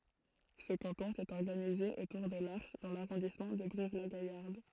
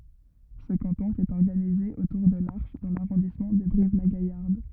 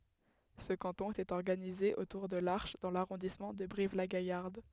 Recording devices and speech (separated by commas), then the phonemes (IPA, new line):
throat microphone, rigid in-ear microphone, headset microphone, read sentence
sə kɑ̃tɔ̃ etɛt ɔʁɡanize otuʁ də laʁʃ dɑ̃ laʁɔ̃dismɑ̃ də bʁivlaɡajaʁd